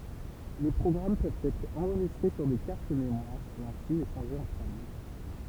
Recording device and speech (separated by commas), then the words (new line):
temple vibration pickup, read sentence
Les programmes peuvent être enregistrés sur des cartes mémoires et ainsi échangés entre amis.